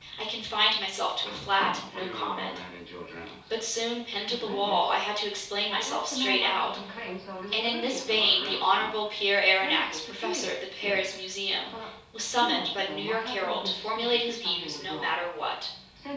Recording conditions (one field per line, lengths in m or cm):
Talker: one person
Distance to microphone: 3.0 m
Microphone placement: far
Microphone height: 1.8 m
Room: small (3.7 m by 2.7 m)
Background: television